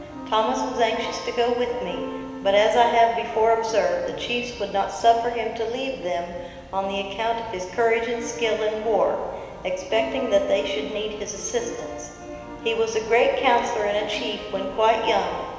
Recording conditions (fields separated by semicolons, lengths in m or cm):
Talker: one person; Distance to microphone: 1.7 m; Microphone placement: close; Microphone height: 1.0 m; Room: very reverberant, large; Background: music